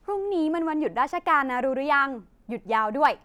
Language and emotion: Thai, happy